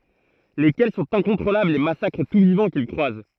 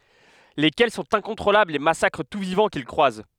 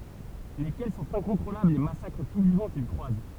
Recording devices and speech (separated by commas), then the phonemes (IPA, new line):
throat microphone, headset microphone, temple vibration pickup, read sentence
lekɛl sɔ̃t ɛ̃kɔ̃tʁolablz e masakʁ tu vivɑ̃ kil kʁwaz